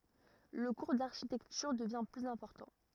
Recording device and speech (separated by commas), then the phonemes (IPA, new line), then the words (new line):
rigid in-ear microphone, read sentence
lə kuʁ daʁʃitɛktyʁ dəvjɛ̃ plyz ɛ̃pɔʁtɑ̃
Le cours d'architecture devient plus important.